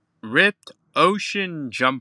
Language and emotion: English, angry